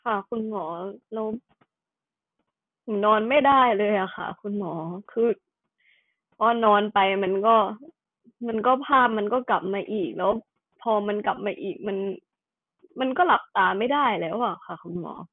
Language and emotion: Thai, sad